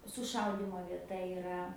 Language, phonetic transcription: Lithuanian, suˈšaudymo vieˈta iˈra

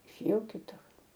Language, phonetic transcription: Lithuanian, išėˈjau kiˈtur

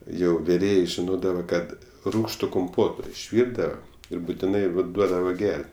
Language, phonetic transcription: Lithuanian, ˈjau viˈrėjė žiˈnodava ˈkad ˈrūgštu kumˈpoto išˈvyrdava ˈir butiˈnai va ˈduodava ˈger't'

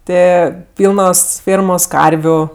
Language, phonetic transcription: Lithuanian, ˈtɜ ˈpylnos ˈfėrmos ˈkarviu

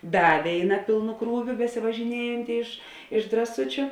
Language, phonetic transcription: Lithuanian, ˈda ˈvėiˌna ˈpilnu ˈkrūviu besivažiˈniejanti iš iš draˈsučiu

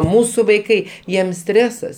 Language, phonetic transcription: Lithuanian, ˈmūsu vaiˈkai jiem ˈstresas

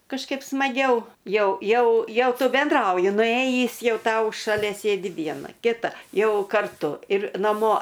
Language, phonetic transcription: Lithuanian, kažˈkaip smaˈgiau ˈjau ˈjau ˈjau ˈtu benˈdrauji nuˈėjįs ˈjau ˈtau šaˈlia ˈsėdi ˈviena kiˈta ˈjau karˈtu ir naˈmo

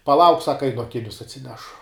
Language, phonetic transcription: Lithuanian, paˈlauk ˈsaka ˈainu aˈkinius atsiˈnešu

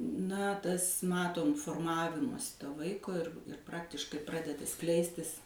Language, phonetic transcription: Lithuanian, na ˈtas ˈmatom forˈmavimosi ˈto ˈvaiko ir ˈpraktiškai ˈpradeda ˈskleistis

